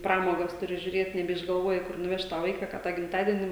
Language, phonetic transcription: Lithuanian, ˈpramogas tuˈri žiuˈrėt nebeišgalˈvoji ˈkur nuˈvešt tą ˈvaika ka tą gimtadieni

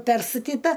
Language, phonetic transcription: Lithuanian, ˈperstatita

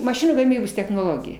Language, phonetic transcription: Lithuanian, maˈšinų gaˈmybos technoˈlogija

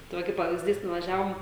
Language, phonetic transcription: Lithuanian, tai ˈva kaip pavizˈdys nuvaˈžiavom

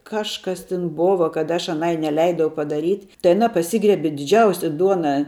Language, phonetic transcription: Lithuanian, ˈkažkas tin ˈbova kad aš aˈnai neˈleidau padaˈryt' tai aˈna paˈsygriebi diˈdžiausia ˈduonā

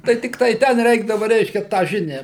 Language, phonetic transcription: Lithuanian, tai ˈtiktai ˈten ˈreikdava ˈreiškia tą ˈžinią

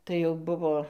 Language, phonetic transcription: Lithuanian, tai jau ˈbuvo

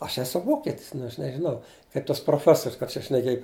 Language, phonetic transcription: Lithuanian, aš ˈesu ˈvoketis nu aš nežiˈnau kaip tas proˈfesorius kad čia šneˈkėj

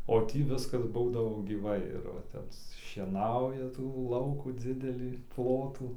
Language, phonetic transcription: Lithuanian, o ˈtį ˈviskas ˈbūdavo gyˈvai ir va ˈtep šieˈnauja tų ˈlaukų ˈdzidelį ˈplotų

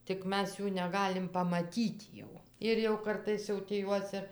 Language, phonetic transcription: Lithuanian, tik ˈmes ˈjų neˈgalim pamaˈtyt jau ir jau ˈkartais jau tį ˈjuos ir

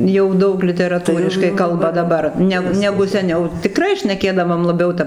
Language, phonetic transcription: Lithuanian, jau ˈdaug literaˈtūriškai ˈkalba daˈbar ˈneg ˈnegu seˈniau tiˈkrai šneˈkėdavom laˈbiau ˈtap

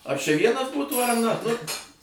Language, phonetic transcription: Lithuanian, a čia ˈvienas ˈbūtų ar na nu

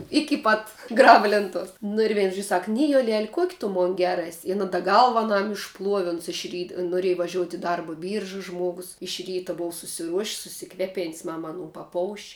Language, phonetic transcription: Lithuanian, ˈiki pat ˈgraba lėnˈtuos nu ir ˈvein žož' ˈsak ˈnijolel' ˈkuok' tu ˈmon ˈger ˈes' in a da ˈgalva aˈnam išˈpluovi ˈuns iš ˈryt noˈrėj vaˈžiout' i ˈdarba ˈbyrža ˈžmuogus iš ˈryta ˈbova susiˈruoš's' susiˈkvepėn's' ˈmam aˈnų paˈpouš'

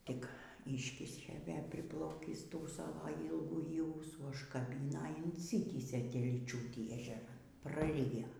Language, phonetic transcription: Lithuanian, ˈtik ˈyškišė ˈvė priˈplaukįs ˈtų ˈsavo ylgųˈjį ˈūsų užkaˈbina in inˈsitįsė telyˈčiūtį ežeˈran praˈrijo

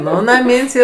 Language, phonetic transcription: Lithuanian, ˈnu naˈmyn's' ˈyr

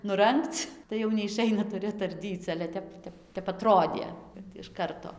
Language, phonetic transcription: Lithuanian, nuˈrangc tai jau neiˈšaina tuˈri atarˈdyc ˈale ˈtep ˈtep tep aˈtrodė kad iš ˈkarto

